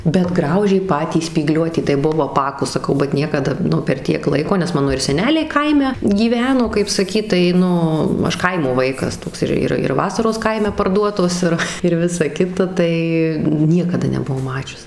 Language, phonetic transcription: Lithuanian, bet ˈgraužė ˈpatį spyˈgliuotį tai ˈbuvau aˈpakus saˈkau bat ˈniekada ˈnu per ˈtiek ˈlaiko nes ˈmano ir seˈneliai ˈkaime gyˈveno kaip saˈkyt tai ˈnu ˈaš ˈkaimo ˈvaikas ˈtoks ˈir ˈir ir ˈvasaros ˈkaime parˈduotos ˈir ir ˈvisa ˈkita ˈtai ˈniekada nebuˈvau ˈmačius

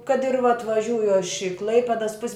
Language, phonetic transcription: Lithuanian, kad ir vat vaˈžiūju aš i ˈklaipedas pus'

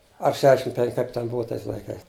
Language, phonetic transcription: Lithuanian, ar ˈšešim ˈpenk ˈkaip ten ˈbuva ˈtais laiˈkais

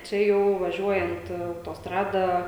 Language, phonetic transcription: Lithuanian, čia ˈjau vaˈžiuojant autosˈtrada

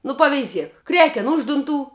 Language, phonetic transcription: Lithuanian, nu paveiˈziek ˈkreken ˈuž dunˌtų

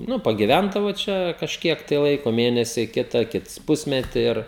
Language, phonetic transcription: Lithuanian, ˈnu pagiˈvændavo ˈčia kažˈkiek tai ˈlaiko ˈmėnesi ˈkita ˈkits ˈpusmetį ˈir

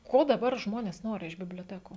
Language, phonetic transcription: Lithuanian, ˈko daˈbar ˈžmonės ˈnori iš biblioˈtekų

